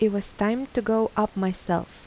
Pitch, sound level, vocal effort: 215 Hz, 82 dB SPL, soft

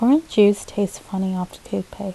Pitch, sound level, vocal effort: 200 Hz, 76 dB SPL, soft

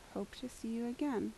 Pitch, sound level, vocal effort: 240 Hz, 76 dB SPL, soft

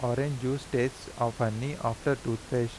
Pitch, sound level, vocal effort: 125 Hz, 84 dB SPL, normal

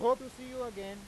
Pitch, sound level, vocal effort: 245 Hz, 103 dB SPL, very loud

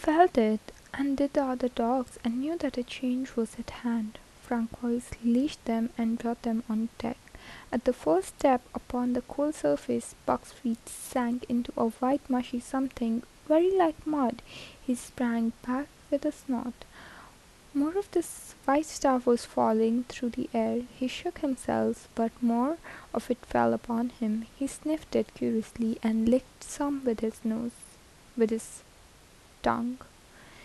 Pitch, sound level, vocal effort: 245 Hz, 75 dB SPL, soft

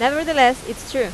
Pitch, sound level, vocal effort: 255 Hz, 89 dB SPL, loud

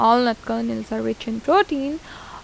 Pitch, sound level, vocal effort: 230 Hz, 83 dB SPL, normal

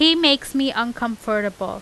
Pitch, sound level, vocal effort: 240 Hz, 91 dB SPL, loud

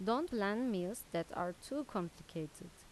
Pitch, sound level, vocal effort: 180 Hz, 84 dB SPL, normal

